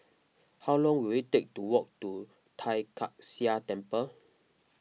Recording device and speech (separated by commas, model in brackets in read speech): mobile phone (iPhone 6), read sentence